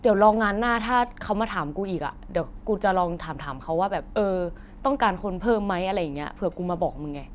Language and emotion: Thai, neutral